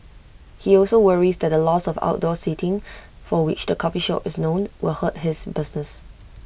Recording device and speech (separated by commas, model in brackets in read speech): boundary microphone (BM630), read sentence